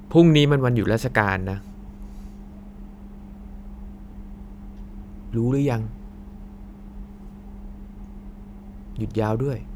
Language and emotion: Thai, frustrated